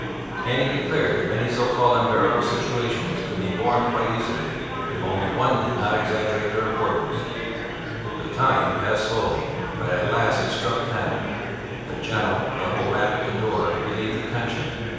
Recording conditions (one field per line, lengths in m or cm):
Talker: one person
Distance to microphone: 7.1 m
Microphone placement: far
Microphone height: 1.7 m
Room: very reverberant, large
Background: babble